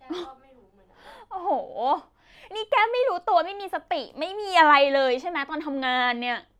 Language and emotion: Thai, frustrated